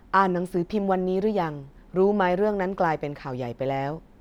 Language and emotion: Thai, neutral